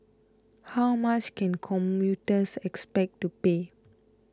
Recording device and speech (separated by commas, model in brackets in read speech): close-talking microphone (WH20), read sentence